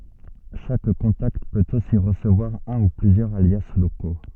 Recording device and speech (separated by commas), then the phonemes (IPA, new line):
soft in-ear microphone, read sentence
ʃak kɔ̃takt pøt osi ʁəsəvwaʁ œ̃ u plyzjœʁz alja loko